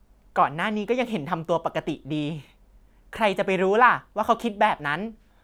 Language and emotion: Thai, happy